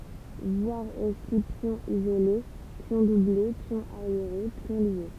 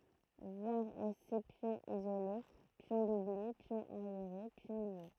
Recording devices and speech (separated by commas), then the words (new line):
temple vibration pickup, throat microphone, read sentence
Voir aussi pion isolé, pions doublés, pion arriéré, pions liés.